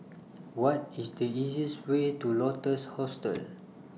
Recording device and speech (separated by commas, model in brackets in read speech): mobile phone (iPhone 6), read sentence